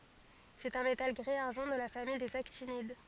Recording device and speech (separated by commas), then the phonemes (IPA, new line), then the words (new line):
forehead accelerometer, read sentence
sɛt œ̃ metal ɡʁi aʁʒɑ̃ də la famij dez aktinid
C'est un métal gris-argent de la famille des actinides.